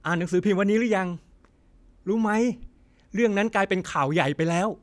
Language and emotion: Thai, happy